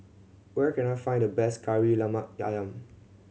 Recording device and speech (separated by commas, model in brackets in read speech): mobile phone (Samsung C7100), read sentence